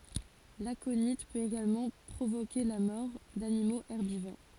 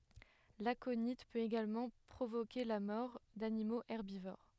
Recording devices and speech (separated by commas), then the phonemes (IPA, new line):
forehead accelerometer, headset microphone, read sentence
lakoni pøt eɡalmɑ̃ pʁovoke la mɔʁ danimoz ɛʁbivoʁ